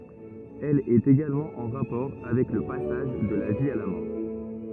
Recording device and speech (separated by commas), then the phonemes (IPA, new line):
rigid in-ear microphone, read sentence
ɛl ɛt eɡalmɑ̃ ɑ̃ ʁapɔʁ avɛk lə pasaʒ də la vi a la mɔʁ